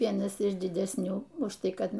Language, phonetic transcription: Lithuanian, ˈvienas iš didesˈnių už ˈtai ˈkad

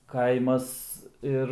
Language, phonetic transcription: Lithuanian, ˈkaimas ˈir

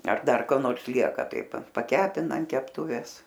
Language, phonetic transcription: Lithuanian, ar ˈdar ko ˈnors ˈlieka ˈtai pa paˈkepina an kepˈtūvės

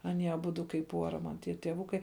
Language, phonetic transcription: Lithuanian, aˈnie aˈbudu kaip ˈpuora man ˈtie tieˈvukai

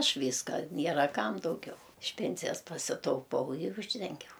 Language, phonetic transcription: Lithuanian, ˈaš ˈvyska ˈniera ˈkam dauˈgiau iš ˈpensijas pasitauˈpau ir ˈūždengiau

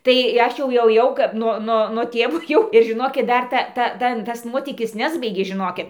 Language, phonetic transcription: Lithuanian, tai ˈaš jau jau ˈkap no ˈno no ˈtėvo jau ir žiˈnokit ˈdar ta ˈta ˈtan tas ˈnuotykis ˈnesbaigė žiˈnokit

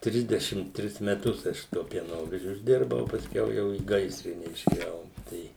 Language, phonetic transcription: Lithuanian, ˈtrisdešim ˈtris meˈtus ˈaš su tuo pieˈnovežiu išˈdirbau o pasˈkiau ˈjau į ˈgaisrine išėˈjau ˈtai

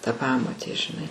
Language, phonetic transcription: Lithuanian, ta ˈpamotė žiˈnai

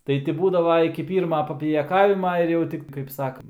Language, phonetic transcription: Lithuanian, ˈtai ti ˈbūdava iki ˈpyrma papijaˈkavima ir ˈjau ˈtik kaip ˈsakant

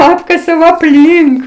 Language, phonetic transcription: Lithuanian, ˈapkasiau apˈlynk

